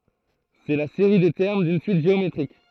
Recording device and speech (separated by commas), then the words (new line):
throat microphone, read sentence
C'est la série des termes d'une suite géométrique.